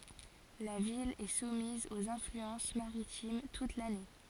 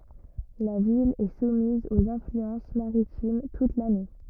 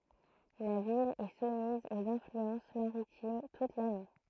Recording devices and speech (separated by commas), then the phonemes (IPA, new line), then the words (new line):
forehead accelerometer, rigid in-ear microphone, throat microphone, read sentence
la vil ɛ sumiz oz ɛ̃flyɑ̃s maʁitim tut lane
La ville est soumise aux influences maritimes toute l'année.